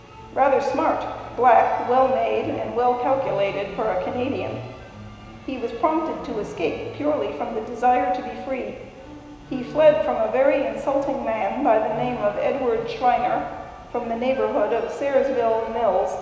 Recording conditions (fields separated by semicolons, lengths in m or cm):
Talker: one person; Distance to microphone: 1.7 m; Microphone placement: close; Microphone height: 1.0 m; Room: very reverberant, large; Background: music